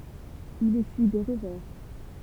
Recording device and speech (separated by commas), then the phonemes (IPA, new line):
temple vibration pickup, read sentence
il esyi de ʁəvɛʁ